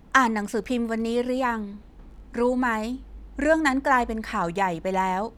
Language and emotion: Thai, neutral